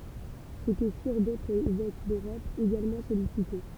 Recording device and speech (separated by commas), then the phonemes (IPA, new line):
temple vibration pickup, read sentence
sə kə fiʁ dotʁz evɛk døʁɔp eɡalmɑ̃ sɔlisite